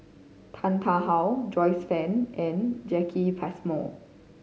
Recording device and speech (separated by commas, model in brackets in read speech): mobile phone (Samsung C5010), read sentence